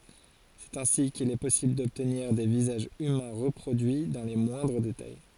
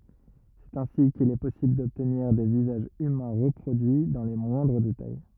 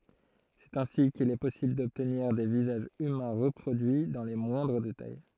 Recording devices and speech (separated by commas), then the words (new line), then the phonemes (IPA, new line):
forehead accelerometer, rigid in-ear microphone, throat microphone, read sentence
C'est ainsi qu'il est possible d'obtenir des visages humains reproduits dans les moindres détails.
sɛt ɛ̃si kil ɛ pɔsibl dɔbtniʁ de vizaʒz ymɛ̃ ʁəpʁodyi dɑ̃ le mwɛ̃dʁ detaj